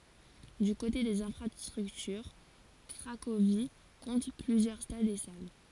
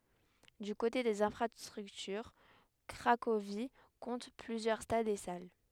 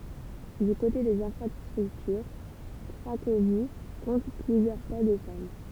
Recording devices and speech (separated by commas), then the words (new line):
forehead accelerometer, headset microphone, temple vibration pickup, read sentence
Du côté des infrastructures, Cracovie compte plusieurs stades et salles.